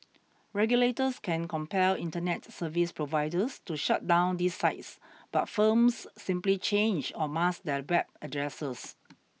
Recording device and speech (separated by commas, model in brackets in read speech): mobile phone (iPhone 6), read sentence